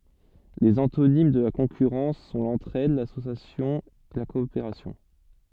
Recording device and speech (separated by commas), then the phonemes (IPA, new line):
soft in-ear microphone, read sentence
lez ɑ̃tonim də la kɔ̃kyʁɑ̃s sɔ̃ lɑ̃tʁɛd lasosjasjɔ̃ la kɔopeʁasjɔ̃